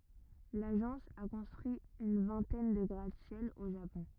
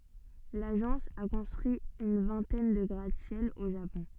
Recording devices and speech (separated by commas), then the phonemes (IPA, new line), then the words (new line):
rigid in-ear microphone, soft in-ear microphone, read sentence
laʒɑ̃s a kɔ̃stʁyi yn vɛ̃tɛn də ɡʁatəsjɛl o ʒapɔ̃
L'agence a construit une vingtaine de gratte-ciel au Japon.